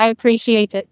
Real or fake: fake